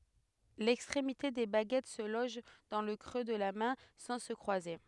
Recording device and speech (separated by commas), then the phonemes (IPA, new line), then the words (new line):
headset microphone, read sentence
lɛkstʁemite de baɡɛt sə lɔʒ dɑ̃ lə kʁø də la mɛ̃ sɑ̃ sə kʁwaze
L'extrémité des baguettes se loge dans le creux de la main, sans se croiser.